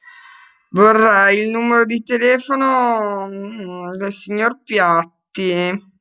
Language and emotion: Italian, disgusted